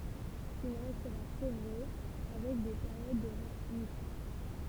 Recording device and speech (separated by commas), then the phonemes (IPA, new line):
temple vibration pickup, read sentence
il ʁɛstʁa fjevʁø avɛk de peʁjod də ʁemisjɔ̃